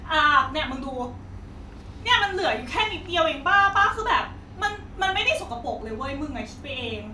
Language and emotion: Thai, frustrated